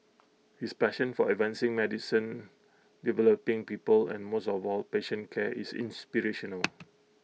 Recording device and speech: mobile phone (iPhone 6), read sentence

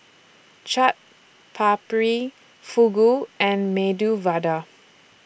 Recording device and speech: boundary microphone (BM630), read sentence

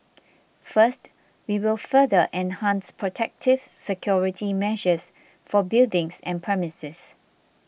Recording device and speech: boundary microphone (BM630), read sentence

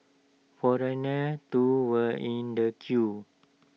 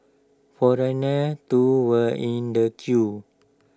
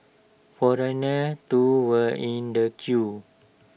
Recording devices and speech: mobile phone (iPhone 6), standing microphone (AKG C214), boundary microphone (BM630), read sentence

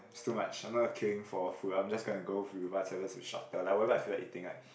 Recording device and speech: boundary microphone, conversation in the same room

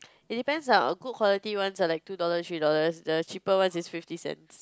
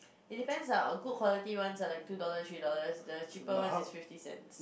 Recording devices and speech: close-talking microphone, boundary microphone, conversation in the same room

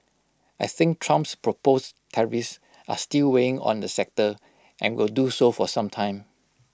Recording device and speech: close-talking microphone (WH20), read sentence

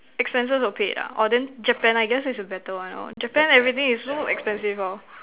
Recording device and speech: telephone, conversation in separate rooms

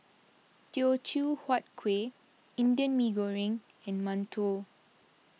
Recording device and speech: mobile phone (iPhone 6), read sentence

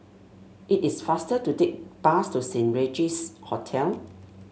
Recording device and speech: mobile phone (Samsung S8), read sentence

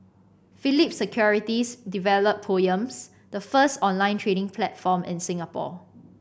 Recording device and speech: boundary microphone (BM630), read sentence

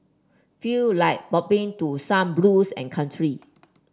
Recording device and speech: standing microphone (AKG C214), read sentence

